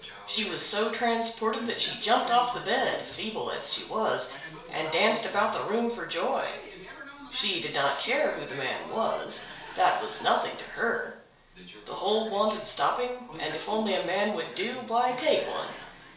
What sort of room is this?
A small room (about 3.7 m by 2.7 m).